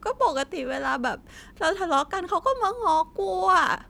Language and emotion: Thai, sad